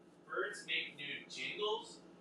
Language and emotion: English, disgusted